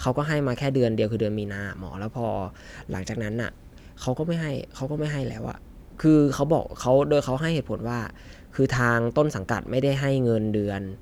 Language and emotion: Thai, frustrated